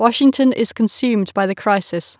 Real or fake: real